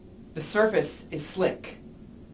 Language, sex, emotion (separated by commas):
English, male, neutral